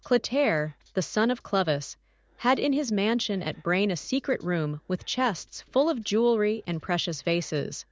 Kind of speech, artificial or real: artificial